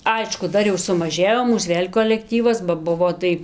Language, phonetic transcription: Lithuanian, ˈaišku ˈdar jau sumaˈžėjo ˈmūs ˈvėl' kolekˈtyvas ba ˈbuvo tai

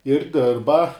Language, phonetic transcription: Lithuanian, ir ˈdirba

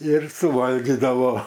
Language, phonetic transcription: Lithuanian, ir suˈvalgydavo

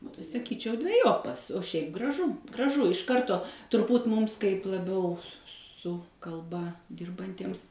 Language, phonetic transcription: Lithuanian, o tai saˈkyčiau dveˈjopas o ˈšiaip graˈžu graˈžu iš ˈkarto turˈbūt ˈmūms kaip laˈbiau su kalˈba ˈdirbantiems

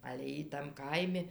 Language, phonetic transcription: Lithuanian, ale ˈjy tam ˈkaimi

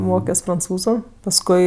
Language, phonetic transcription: Lithuanian, ˈmokios pranˈcūzu pasˈkui

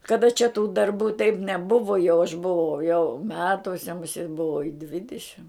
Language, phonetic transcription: Lithuanian, kaˈda čia tų darˈbų taip neˈbuvo jau aš buˈvau jau ˈmetuose muˈsėt buˈvau i ˈdvidišim

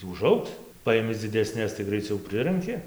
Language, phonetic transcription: Lithuanian, uˈžaugs ˈpaimi dzideˈsnes tai graiˈciau ˈpriranki

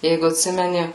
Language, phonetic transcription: Lithuanian, ˈjeigu atˈsimeni

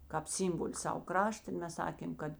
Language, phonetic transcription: Lithuanian, ˈkāp ˈsimboli ˈsav ˈkrašta i ˈmes ˈsakėm ˈkad

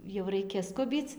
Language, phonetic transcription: Lithuanian, jau ˈraikia ˈskubyc

